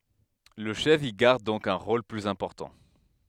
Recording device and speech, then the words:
headset microphone, read sentence
Le chef y garde donc un rôle plus important.

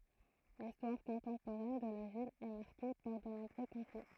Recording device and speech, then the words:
throat microphone, read sentence
L'histoire contemporaine de la ville est marquée par de nombreux conflits.

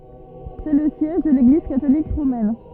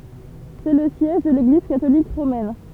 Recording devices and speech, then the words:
rigid in-ear microphone, temple vibration pickup, read sentence
C'est le siège de l'Église catholique romaine.

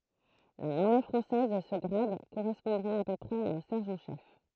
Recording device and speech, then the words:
throat microphone, read sentence
Dans l'armée française, ce grade correspondrait à peu près à un sergent chef.

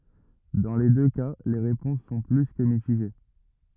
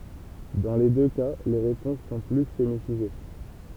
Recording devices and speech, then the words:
rigid in-ear microphone, temple vibration pickup, read sentence
Dans les deux cas les réponses sont plus que mitigées.

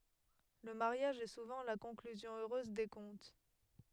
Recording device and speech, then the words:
headset microphone, read sentence
Le mariage est souvent la conclusion heureuse des contes.

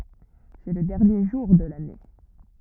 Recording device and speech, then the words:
rigid in-ear microphone, read sentence
C'est le dernier jour de l'année.

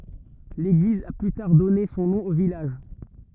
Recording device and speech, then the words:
rigid in-ear microphone, read sentence
L'église a plus tard donné son nom au village.

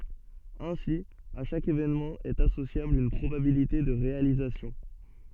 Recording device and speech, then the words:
soft in-ear microphone, read sentence
Ainsi, à chaque événement est associable une probabilité de réalisation.

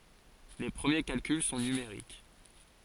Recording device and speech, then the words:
forehead accelerometer, read sentence
Les premiers calculs sont numériques.

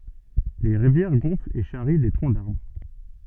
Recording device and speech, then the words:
soft in-ear microphone, read sentence
Les rivières gonflent et charrient des troncs d’arbres.

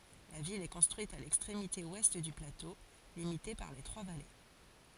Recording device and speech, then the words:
forehead accelerometer, read sentence
La ville est construite à l'extrémité ouest du plateau, limité par les trois vallées.

